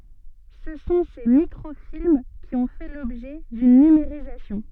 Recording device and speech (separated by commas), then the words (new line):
soft in-ear microphone, read sentence
Ce sont ces microfilms qui ont fait l’objet d’une numérisation.